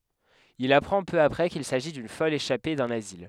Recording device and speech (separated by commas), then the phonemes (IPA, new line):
headset microphone, read sentence
il apʁɑ̃ pø apʁɛ kil saʒi dyn fɔl eʃape dœ̃n azil